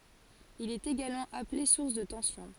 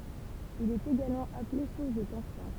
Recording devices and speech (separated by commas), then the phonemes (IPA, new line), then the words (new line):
forehead accelerometer, temple vibration pickup, read sentence
il ɛt eɡalmɑ̃ aple suʁs də tɑ̃sjɔ̃
Il est également appelé source de tension.